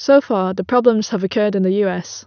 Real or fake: real